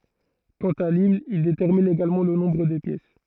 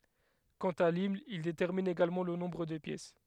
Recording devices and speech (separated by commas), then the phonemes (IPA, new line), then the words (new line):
throat microphone, headset microphone, read sentence
kɑ̃t a limn il detɛʁmin eɡalmɑ̃ lə nɔ̃bʁ de pjɛs
Quant à l'hymne, il détermine également le nombre des pièces.